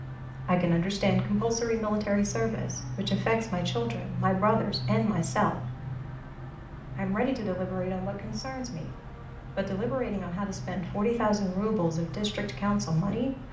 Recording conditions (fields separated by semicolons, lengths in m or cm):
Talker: one person; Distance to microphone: 2.0 m; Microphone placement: close; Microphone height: 99 cm; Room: medium-sized (5.7 m by 4.0 m); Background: television